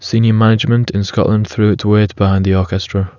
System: none